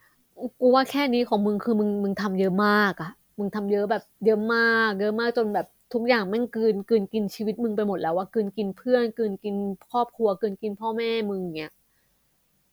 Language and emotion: Thai, frustrated